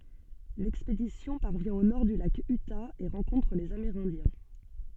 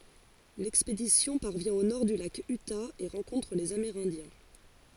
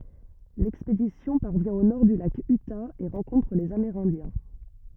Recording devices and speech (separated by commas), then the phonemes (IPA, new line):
soft in-ear microphone, forehead accelerometer, rigid in-ear microphone, read sentence
lɛkspedisjɔ̃ paʁvjɛ̃ o nɔʁ dy lak yta e ʁɑ̃kɔ̃tʁ lez ameʁɛ̃djɛ̃